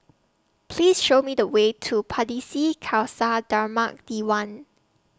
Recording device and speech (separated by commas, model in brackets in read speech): standing microphone (AKG C214), read sentence